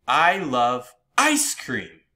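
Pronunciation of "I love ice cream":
The emphasis falls on 'ice cream', so the sentence sounds shocked, as if it is a surprise to the speaker that they love ice cream.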